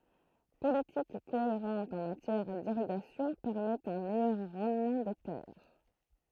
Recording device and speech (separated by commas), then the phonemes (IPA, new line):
throat microphone, read sentence
politik koeʁɑ̃t ɑ̃ matjɛʁ diʁiɡasjɔ̃ pɛʁmɛtɑ̃ œ̃ mɛjœʁ ʁɑ̃dmɑ̃ de tɛʁ